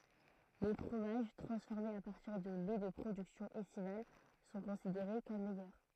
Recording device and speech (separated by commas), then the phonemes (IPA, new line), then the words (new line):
throat microphone, read sentence
le fʁomaʒ tʁɑ̃sfɔʁmez a paʁtiʁ də lɛ də pʁodyksjɔ̃z ɛstival sɔ̃ kɔ̃sideʁe kɔm mɛjœʁ
Les fromages transformés à partir de laits de productions estivales sont considérés comme meilleurs.